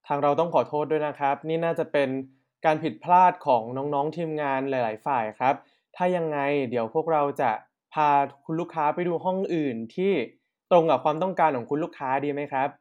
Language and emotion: Thai, sad